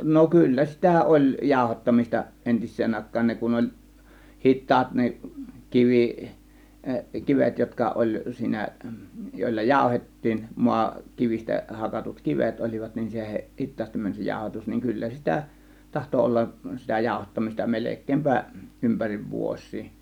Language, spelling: Finnish, no kyllä sitä oli jauhattamista entiseen aikaan ne kun oli hitaat ne kivi kivet jotka oli siinä joilla jauhettiin maa kivistä hakatut kivet olivat niin se hitaasti meni se jauhatus niin kyllä sitä tahtoi olla sitä jauhattamista melkeinpä ympäri vuosiin
- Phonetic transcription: no "kyllä 'sitä "oĺ , "jàȯhattamis̆ta 'entisseen àėk̆kaan 'ne kun oĺ , "hittaat ne 'kivi , "kivet jotka 'oĺ , 'siinä , 'jòella 'jàȯhettiin , "mua , "kivistä 'hakatut 'kivet 'ol͕ivat nin , se "hit̆taastim 'mäń se "jàȯhatus niŋ "kyllä 'sitä , 'tahto "ollaˀ , 'sitä "jàȯhattamista 'melek̆keempä , 'ympäriv "vuoś̆sii .

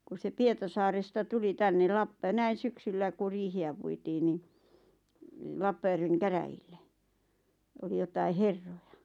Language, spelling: Finnish, kun se Pietasaaresta tuli tänne - näin syksyllä kun riihiä puitiin niin Lappajärven käräjille oli jotakin herroja
- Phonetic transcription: 'ku se "Pietasaaresta 'tuli 'tännel 'Lappa- näin̬ "syksyllä ku 'riihi₍ä puitii ni , "Lappajärveŋ , 'käräjille , 'oli jotai "herroja .

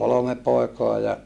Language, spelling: Finnish, kolme poikaa ja
- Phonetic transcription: kolome pòikoa ja ,.

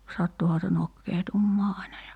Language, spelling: Finnish, sattuihan se nokeutumaan aina ja
- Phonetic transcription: 'sattuhaa se "nokkeetummaa aina ja ,.

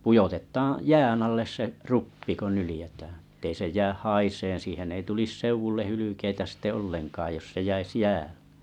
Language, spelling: Finnish, pudotetaan jään alle se kruppi kun nyljetään että ei se jää haisemaan siihen ei tulisi seudulle hylkeitä sitten ollenkaan jos se jäisi jäälle
- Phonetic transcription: 'pujotettaaa̰ 'jään ‿alles se , 'ruppi ko 'nylⁱjetääᵃ̈ , ettei se 'jääh 'haiseen siihen ei 'tulis 'seuvulle 'hylykeitä sⁱttᴇ 'olleŋkaaj jos 'se 'jäis "jäällᴇ .

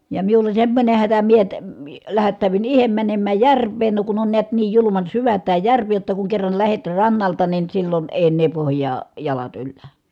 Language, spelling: Finnish, ja minulla semmoinen hätä minä - lähättäydyn itse menemään järveen no kun on näet niin julman syvä tämä järvi jotta kun kerran lähdet rannalta niin silloin ei enää pohjaan jalat yllä
- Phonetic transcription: ja miulla semmońe hätä mie əə , lähättä̀y̬vyn ihem mänemmäj järv̀een no kun on neät niij juluman syvä tää järvi jotta kuŋ kerran lähet rannalta nin sillon èi̮ ennee pohj̀aa , jalat yllä .

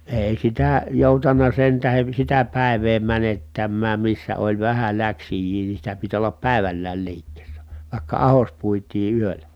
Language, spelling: Finnish, ei sitä joutanut sen tähden sitä päivää menettämään missä oli vähän lähtijöitä niin sitä piti olla päivälläkin liikkeessä vaikka ahdos puitiin yöllä
- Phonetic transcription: èi sitä , jòutanna sen tähen̬ sitä pä̀i̮vee mänettämmääm missä oĺ vähä läksij̆jii nii sitä pit ‿ollap pä̀i̮vällääl liikkeessä , vàikka ahos puit̀ii yölä .

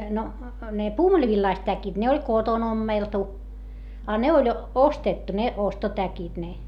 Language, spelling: Finnish, no ne pumpulivillaiset täkit ne oli kotona ommeltu a ne oli ostettu ne ostotäkit ne
- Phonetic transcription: no , ne puumuĺⁱvillaist täkit - ne oĺ koton ‿ommeltu , a ne oĺ , ostettu ne ostotäkit ne .

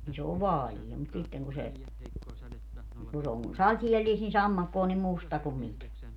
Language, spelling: Finnish, niin se on vaalea mutta sitten kun se kun se on sateellista niin sammakko on niin musta kuin mikä
- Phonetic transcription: ni s ‿oov "vaalie - mut 'sitteŋ ku se , ku se oŋ , "satielliist ni "sammakko on nim "musta kum 'mikä .

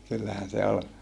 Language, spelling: Finnish, kyllähän se oli
- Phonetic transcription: kyllähän se ol ,.

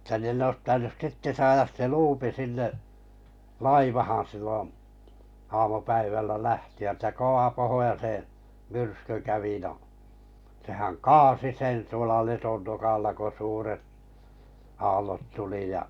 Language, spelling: Finnish, että niiden olisi pitänyt sitten saada se luuppi sinne laivaan silloin aamupäivällä lähtivät ja kova pohjoisen myrsky kävi no sehän kaatoi sen tuolla Letonnokalla kun suuret aallot tuli ja
- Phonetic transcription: [et]tä niine os pitänys 'sitte saajas se 'luupi sinne’ , 'laivahaa̰ silloo̰ , aamupäivällä 'lähtiät ja 'kova 'pohojase , 'myrsky 'kävi no , sehäŋ "kaasi 'sen tuola 'Letonnokalla ko 'suuret , 'aallot tuli ja ,.

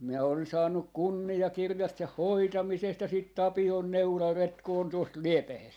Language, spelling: Finnish, minä olen saanut kunniakirjat ja hoitamisesta ja sitten Tapion neularetku on tuossa liepeessä
- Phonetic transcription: miä olen 'saannuk "kunniakirjat ja "hoitamisest ja sit "Tapion "neularetku on 'tuos "liepehes .

